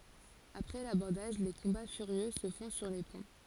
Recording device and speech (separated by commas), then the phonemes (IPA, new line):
forehead accelerometer, read sentence
apʁɛ labɔʁdaʒ le kɔ̃ba fyʁjø sə fɔ̃ syʁ le pɔ̃